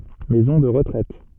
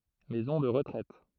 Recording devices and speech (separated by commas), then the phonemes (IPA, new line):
soft in-ear microphone, throat microphone, read sentence
mɛzɔ̃ də ʁətʁɛt